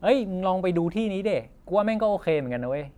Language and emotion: Thai, neutral